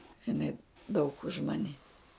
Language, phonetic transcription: Lithuanian, iˈnai daug už ˈmani

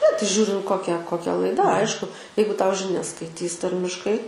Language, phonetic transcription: Lithuanian, ne tai ˈžiūrint ˈkokia koˈkia laiˈda ˈaišku ˈjeigu ˈtau žiˈnias skaiˈtys ˈtarmiškai

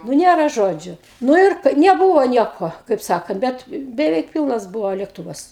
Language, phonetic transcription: Lithuanian, nu ˈnėra ˈžodžiu ˈnu ir neˈbūvo ˈnieko kaip ˈsakant ˈbet beˈveik ˈpilnas ˈbuvo lėkˈtuvas

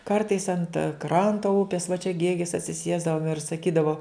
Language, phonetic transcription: Lithuanian, ˈkartais ant ˈkranto ˈupės va čia ˈgėgis atsiˈsiesdavom ir saˈkydavo

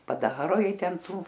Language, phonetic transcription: Lithuanian, paˈdaro ˈjai ˈtenˈtų

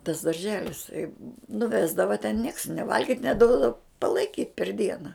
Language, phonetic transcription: Lithuanian, tas darˈželis tai nuˈvesdava ten nieks nė ˈvalgit' neˈduodavo palaiˈkyt' per ˈdiena

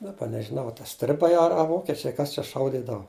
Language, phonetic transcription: Lithuanian, daˈba nežiˈnau a ta ˈstribai a a ˈvokečiai ˈkas čia ˈšaudydava

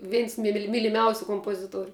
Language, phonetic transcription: Lithuanian, ˈveins mili myliˈmiausiu kompoˈzituoriu

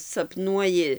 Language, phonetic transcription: Lithuanian, sapˈnuoji

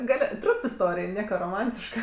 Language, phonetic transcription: Lithuanian, ˈgal' ˈtrump isˈtorij ˈnieka roˈmantiška

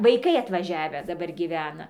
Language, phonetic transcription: Lithuanian, vaiˈkai atvaˈžiavę daˈbar gyˈvena

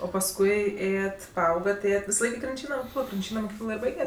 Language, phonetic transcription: Lithuanian, o pasˈkui ˈėjet paˈaugat ˈėjet visaˈlaik i krinˈčyna moˈkyklo krinˈčyna moˈkyklo ir ˈbaiget'

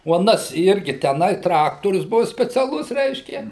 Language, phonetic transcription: Lithuanian, o aˈnas ˈirgi tęˈnai ˈtraktorius ˈbuo speciaˈlus ˈreiškia

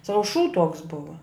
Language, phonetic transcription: Lithuanian, ˈsavu šū tuoks ˈbuva

